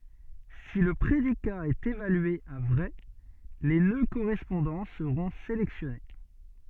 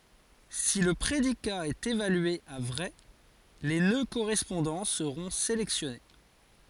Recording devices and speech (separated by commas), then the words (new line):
soft in-ear microphone, forehead accelerometer, read sentence
Si le prédicat est évalué à vrai, les nœuds correspondants seront sélectionnés.